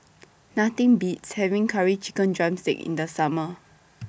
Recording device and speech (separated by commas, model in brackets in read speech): boundary microphone (BM630), read sentence